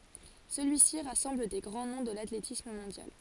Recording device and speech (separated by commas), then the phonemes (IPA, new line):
forehead accelerometer, read sentence
səlyisi ʁasɑ̃bl de ɡʁɑ̃ nɔ̃ də latletism mɔ̃djal